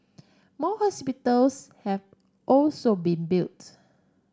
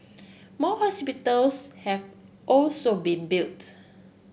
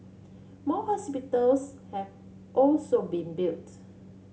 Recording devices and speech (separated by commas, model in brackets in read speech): standing microphone (AKG C214), boundary microphone (BM630), mobile phone (Samsung C7), read sentence